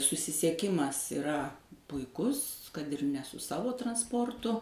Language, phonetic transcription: Lithuanian, susisieˈkimas iˈra puiˈkus kad ir ne su ˈsavo transˈportu

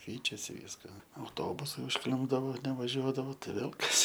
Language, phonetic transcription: Lithuanian, ˈkeičiasi ˈvyska auˈtobusai užˈklimpdavo nevaˈžiuodavo tai ˈvėl ˈkas

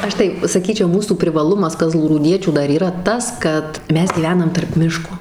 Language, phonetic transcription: Lithuanian, ˈaš tai saˈkyčiau ˈmūsų privaˈlumas kazlųrūˈdiečių ˈdar yˈra ˈtas kad ˈmes gyˈvenam tarp ˈmiško

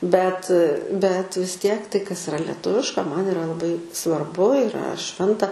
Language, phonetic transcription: Lithuanian, bet bet vis ˈtiek ˈtai kas iˈra leˈtuviška ˈman iˈra laˈbai svarˈbu iˈra ˈšventa

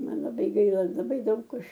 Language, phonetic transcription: Lithuanian, ˈman laˈbai ˈgaila laˈbai ˈdaug ˈaš

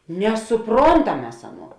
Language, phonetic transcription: Lithuanian, nesuˈprontam ˈmes ˈaˌnuo

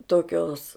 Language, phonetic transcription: Lithuanian, toˈkios

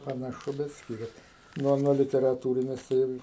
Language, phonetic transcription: Lithuanian, panaˈšu bet ˈskirias ˈnuo nuo literaˈtūrines tai ˈir

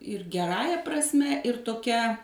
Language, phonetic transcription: Lithuanian, ir geˈrąja prasˈme ir toˈkia

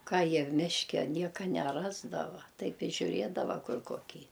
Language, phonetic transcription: Lithuanian, ˈką ˈjie ˈmiške ˈnieka neˈrasdava ˈtaip i žiuˈrėdava ˈkur koˈkį

